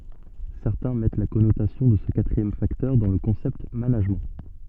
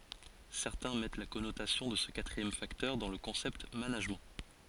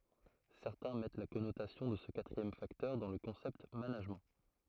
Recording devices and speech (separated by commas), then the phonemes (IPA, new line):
soft in-ear microphone, forehead accelerometer, throat microphone, read sentence
sɛʁtɛ̃ mɛt la kɔnotasjɔ̃ də sə katʁiɛm faktœʁ dɑ̃ lə kɔ̃sɛpt manaʒmɑ̃